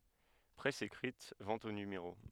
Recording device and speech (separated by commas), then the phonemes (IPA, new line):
headset microphone, read sentence
pʁɛs ekʁit vɑ̃t o nymeʁo